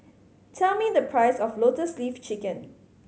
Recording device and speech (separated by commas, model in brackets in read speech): mobile phone (Samsung C5010), read sentence